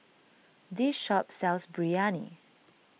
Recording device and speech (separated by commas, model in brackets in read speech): mobile phone (iPhone 6), read sentence